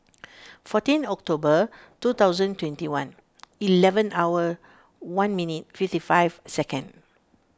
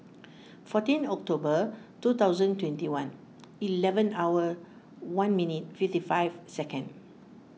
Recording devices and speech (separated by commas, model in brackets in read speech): standing microphone (AKG C214), mobile phone (iPhone 6), read sentence